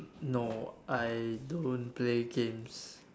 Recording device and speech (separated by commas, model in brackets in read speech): standing microphone, conversation in separate rooms